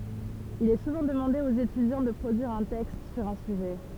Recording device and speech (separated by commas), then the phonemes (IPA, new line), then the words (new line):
temple vibration pickup, read sentence
il ɛ suvɑ̃ dəmɑ̃de oz etydjɑ̃ də pʁodyiʁ œ̃ tɛkst syʁ œ̃ syʒɛ
Il est souvent demandé aux étudiants de produire un texte sur un sujet.